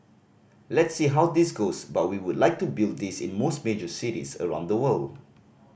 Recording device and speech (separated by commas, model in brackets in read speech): boundary microphone (BM630), read sentence